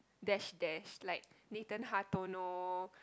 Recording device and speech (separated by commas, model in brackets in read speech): close-talking microphone, conversation in the same room